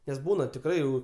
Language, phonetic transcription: Lithuanian, nes ˈbūna tikˈrai jau

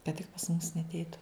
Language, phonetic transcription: Lithuanian, kad tik pas mus neatˈeitu

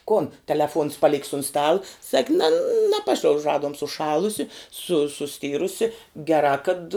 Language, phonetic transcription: Lithuanian, ˈkon teleˈfuons paˈlik's un ˈstala sak' ne naˈpašliauž ˈraduom suˈšalusi su suˈstirusi geˈrā kad

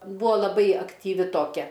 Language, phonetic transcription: Lithuanian, ˈbuo laˈbai aktyˈvi toˈkia

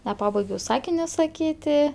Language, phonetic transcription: Lithuanian, neˈpabaigiau ˈsakinio saˈkyti

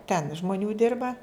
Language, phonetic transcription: Lithuanian, ten žmoˈnių ˈdirba

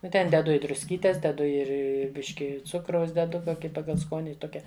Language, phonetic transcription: Lithuanian, ˈnu ten deˈdu i drusˈkytės deˈdu ˈir i ˈbiški ˈcukraus deˈdu ˈkoki ˈpagal ˈskoni ˈtokia

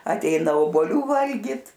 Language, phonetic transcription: Lithuanian, atˈeina oboˈlių ˈvalgit

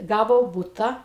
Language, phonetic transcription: Lithuanian, ˈgavo ˈbuta

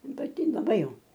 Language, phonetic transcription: Lithuanian, paˈti laˈbai ˈjau

